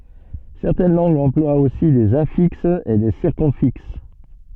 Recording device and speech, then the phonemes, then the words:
soft in-ear microphone, read sentence
sɛʁtɛn lɑ̃ɡz ɑ̃plwat osi dez ɛ̃fiksz e de siʁkymfiks
Certaines langues emploient aussi des infixes et des circumfixes.

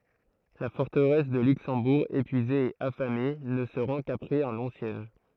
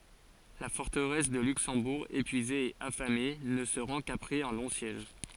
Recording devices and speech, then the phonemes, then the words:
throat microphone, forehead accelerometer, read sentence
la fɔʁtəʁɛs də lyksɑ̃buʁ epyize e afame nə sə ʁɑ̃ kapʁɛz œ̃ lɔ̃ sjɛʒ
La forteresse de Luxembourg, épuisée et affamée, ne se rend qu'après un long siège.

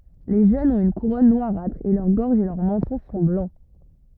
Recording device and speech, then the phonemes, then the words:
rigid in-ear microphone, read sentence
le ʒønz ɔ̃t yn kuʁɔn nwaʁatʁ e lœʁ ɡɔʁʒ e lœʁ mɑ̃tɔ̃ sɔ̃ blɑ̃
Les jeunes ont une couronne noirâtre et leur gorge et leur menton sont blancs.

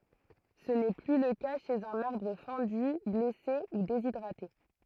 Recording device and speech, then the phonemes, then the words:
throat microphone, read sentence
sə nɛ ply lə ka ʃez œ̃n aʁbʁ fɑ̃dy blɛse u dezidʁate
Ce n'est plus le cas chez un arbre fendu, blessé ou déshydraté.

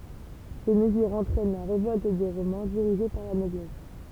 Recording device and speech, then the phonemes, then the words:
temple vibration pickup, read sentence
se məzyʁz ɑ̃tʁɛn la ʁevɔlt de ʁomɛ̃ diʁiʒe paʁ la nɔblɛs
Ces mesures entraînent la révolte des Romains dirigée par la noblesse.

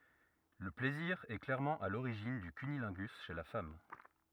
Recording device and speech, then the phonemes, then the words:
rigid in-ear microphone, read sentence
lə plɛziʁ ɛ klɛʁmɑ̃ a loʁiʒin dy kynilɛ̃ɡys ʃe la fam
Le plaisir est clairement à l’origine du cunnilingus chez la femme.

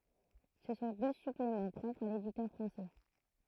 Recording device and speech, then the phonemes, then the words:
throat microphone, read sentence
sə sɔ̃ dø syplemɑ̃ pʁɔpʁz a leditœʁ fʁɑ̃sɛ
Ce sont deux suppléments propres à l'éditeur français.

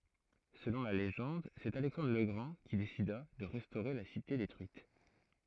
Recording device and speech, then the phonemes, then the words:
throat microphone, read sentence
səlɔ̃ la leʒɑ̃d sɛt alɛksɑ̃dʁ lə ɡʁɑ̃ ki desida də ʁɛstoʁe la site detʁyit
Selon la légende, c’est Alexandre le Grand qui décida de restaurer la cité détruite.

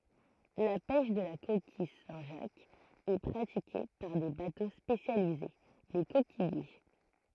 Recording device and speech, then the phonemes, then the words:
throat microphone, read sentence
la pɛʃ də la kokij sɛ̃tʒakz ɛ pʁatike paʁ de bato spesjalize le kokijje
La pêche de la coquille Saint-Jacques est pratiquée par des bateaux spécialisés, les coquilliers.

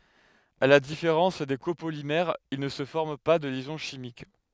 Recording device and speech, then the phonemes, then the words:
headset microphone, read sentence
a la difeʁɑ̃s de kopolimɛʁz il nə sə fɔʁm pa də ljɛzɔ̃ ʃimik
À la différence des copolymères, il ne se forme pas de liaison chimique.

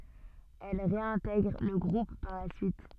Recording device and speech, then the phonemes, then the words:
soft in-ear microphone, read sentence
ɛl ʁeɛ̃tɛɡʁ lə ɡʁup paʁ la syit
Elle réintègre le groupe par la suite.

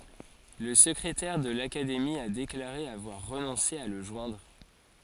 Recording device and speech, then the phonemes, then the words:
forehead accelerometer, read sentence
la səkʁetɛʁ də lakademi a deklaʁe avwaʁ ʁənɔ̃se a lə ʒwɛ̃dʁ
La secrétaire de l'Académie a déclaré avoir renoncé à le joindre.

